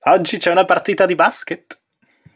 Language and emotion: Italian, happy